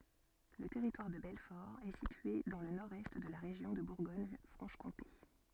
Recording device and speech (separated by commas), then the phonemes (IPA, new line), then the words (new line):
soft in-ear microphone, read sentence
lə tɛʁitwaʁ də bɛlfɔʁ ɛ sitye dɑ̃ lə nɔʁdɛst də la ʁeʒjɔ̃ də buʁɡoɲfʁɑ̃ʃkɔ̃te
Le Territoire de Belfort est situé dans le nord-est de la région de Bourgogne-Franche-Comté.